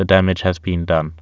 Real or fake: real